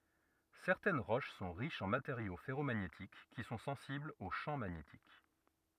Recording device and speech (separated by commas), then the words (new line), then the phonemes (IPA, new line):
rigid in-ear microphone, read sentence
Certaines roches sont riches en matériaux ferromagnétiques, qui sont sensibles au champ magnétique.
sɛʁtɛn ʁoʃ sɔ̃ ʁiʃz ɑ̃ mateʁjo fɛʁomaɲetik ki sɔ̃ sɑ̃siblz o ʃɑ̃ maɲetik